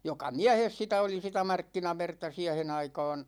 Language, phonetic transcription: Finnish, 'joka "miähes 'sitä oli sitä 'markkinaverta 'siähen ‿aikaan .
- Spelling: joka miehessä sitä oli sitä markkinaverta siihen aikaan

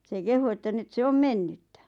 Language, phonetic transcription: Finnish, se 'kehu että 'nyt se 'om "mennyttä .
- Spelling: se kehui että nyt se on mennyttä

